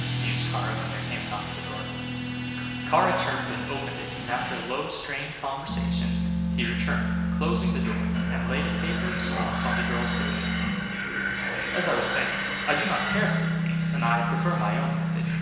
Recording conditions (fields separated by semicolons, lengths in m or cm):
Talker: one person; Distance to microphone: 1.7 m; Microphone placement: close; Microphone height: 1.0 m; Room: very reverberant, large; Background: music